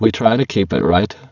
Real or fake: fake